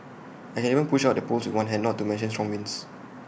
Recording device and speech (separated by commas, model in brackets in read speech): boundary microphone (BM630), read sentence